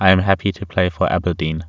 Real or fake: real